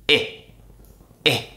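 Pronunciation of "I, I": This is the short vowel sound heard in 'it', 'with' and 'sit'. It is said quickly each time.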